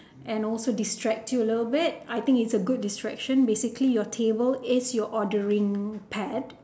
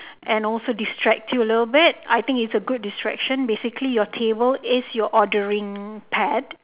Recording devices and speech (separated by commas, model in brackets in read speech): standing microphone, telephone, conversation in separate rooms